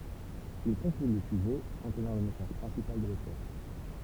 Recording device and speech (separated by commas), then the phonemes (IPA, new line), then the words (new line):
temple vibration pickup, read sentence
il kɔ̃kly lə syʒɛ kɔ̃tnɑ̃ lə mɛsaʒ pʁɛ̃sipal də lotœʁ
Il conclut le sujet, contenant le message principal de l'auteur.